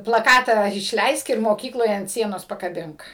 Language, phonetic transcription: Lithuanian, plaˈkatą išˈleisk ir moˈkykloj ant ˈsienos pakaˈbink

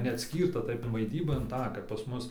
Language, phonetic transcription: Lithuanian, neatˈskyrta taip vaiˈdyba inˈ tą kap pas ˈmus

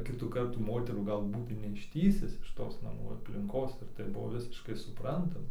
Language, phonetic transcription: Lithuanian, ˈkitų ˈkartų ˈmoterų ˈgal ˈbūtai neišˈtįsis iš ˈtos naˈmų aplinˈkos ir tai ˈbuvo ˈvisiškai suˈprantama

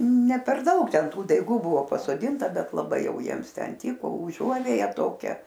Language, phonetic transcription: Lithuanian, ˈne ˈper ˈdaug ˈten ˈtų daiˈgų ˈbuvo pasoˈdinta ˈbet laˈbai ˈjau ˈjiems ˈten ˈtyko uˈžuovėja ˈtokia

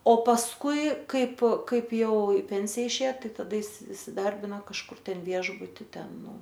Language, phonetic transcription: Lithuanian, o pasˈkui ˈkaip ˈkaip ˈjau i ˈpensija išˈėja taˈda is isiˈdarbino kažˈkur ˈtenˈviešbuti ˈten ˈnu

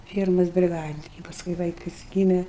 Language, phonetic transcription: Lithuanian, ˈfiermas briˈgadininke paˈskui ˈvaikas ˈgyme

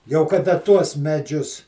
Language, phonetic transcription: Lithuanian, jau kaˈda ˈtuos meˈdžius

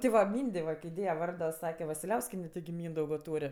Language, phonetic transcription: Lithuanian, ti ˈva ˈmyndė va ˈkai ˈdėja ˈvardo ˈsake vasilˈiauskiene tigi ˈmyndaugo ˈtūr'

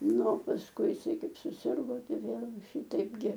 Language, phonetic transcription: Lithuanian, ˈnu o pasˈkui iˈsai ˈkaip suˈsirgo ˈtai ˈvėl ˈšytaip gi

